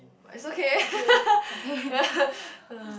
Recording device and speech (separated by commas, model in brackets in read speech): boundary microphone, conversation in the same room